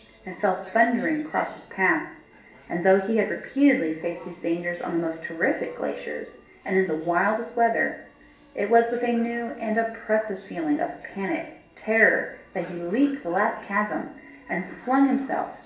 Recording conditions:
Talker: one person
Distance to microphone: 1.8 m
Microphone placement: close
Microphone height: 1.0 m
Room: large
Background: television

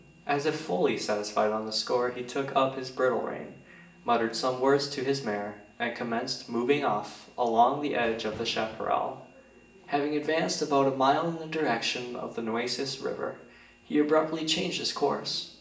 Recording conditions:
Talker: one person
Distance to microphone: 1.8 m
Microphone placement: close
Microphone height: 1.0 m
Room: large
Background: none

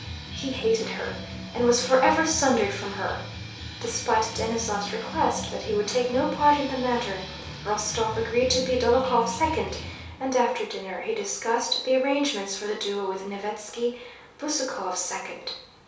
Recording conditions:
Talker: one person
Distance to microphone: 3.0 m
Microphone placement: far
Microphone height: 1.8 m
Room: small (3.7 m by 2.7 m)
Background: music

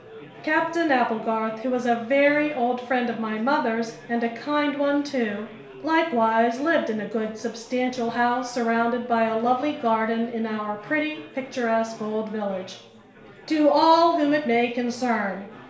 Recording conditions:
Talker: one person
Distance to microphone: 1.0 m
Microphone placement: close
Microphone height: 1.1 m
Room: small (3.7 m by 2.7 m)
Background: babble

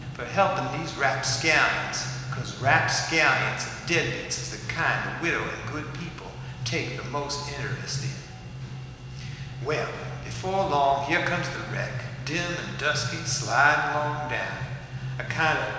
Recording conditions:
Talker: one person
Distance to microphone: 1.7 m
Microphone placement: close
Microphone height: 1.0 m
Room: very reverberant, large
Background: music

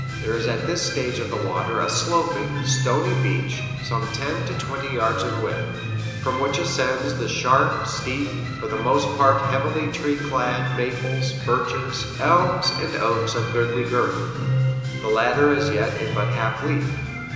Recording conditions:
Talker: one person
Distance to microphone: 1.7 m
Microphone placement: close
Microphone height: 1.0 m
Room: very reverberant, large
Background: music

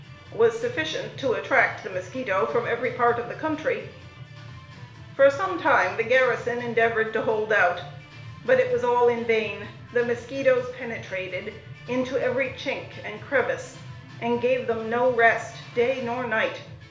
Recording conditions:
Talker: one person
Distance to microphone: 1.0 m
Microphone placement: close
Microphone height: 1.1 m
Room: small (3.7 m by 2.7 m)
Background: music

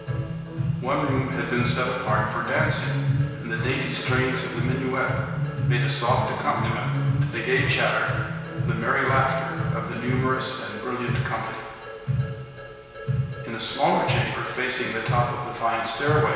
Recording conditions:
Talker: one person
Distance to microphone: 1.7 m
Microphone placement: close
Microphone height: 1.0 m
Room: very reverberant, large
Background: music

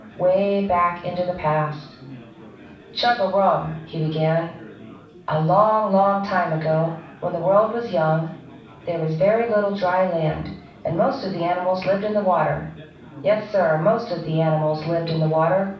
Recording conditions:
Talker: one person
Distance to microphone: 5.8 m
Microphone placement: far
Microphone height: 1.8 m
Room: medium-sized (5.7 m by 4.0 m)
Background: babble

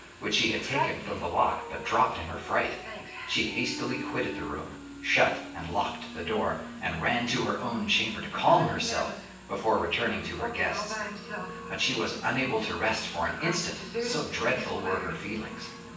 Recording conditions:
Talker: one person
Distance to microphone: 9.8 m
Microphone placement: far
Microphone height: 1.8 m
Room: large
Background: television

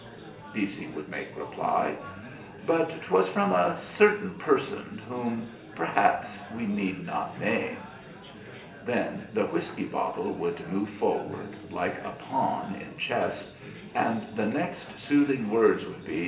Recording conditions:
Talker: one person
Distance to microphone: 1.8 m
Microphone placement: close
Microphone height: 1.0 m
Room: large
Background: babble

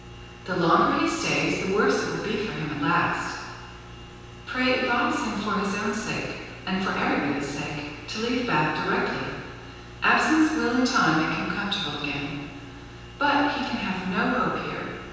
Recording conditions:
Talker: one person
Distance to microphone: 7.1 m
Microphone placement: far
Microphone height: 1.7 m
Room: very reverberant, large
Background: none

